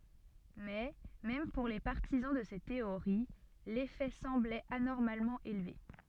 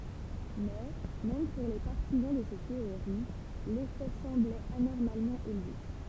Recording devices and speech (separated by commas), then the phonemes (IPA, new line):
soft in-ear microphone, temple vibration pickup, read sentence
mɛ mɛm puʁ le paʁtizɑ̃ də se teoʁi lefɛ sɑ̃blɛt anɔʁmalmɑ̃ elve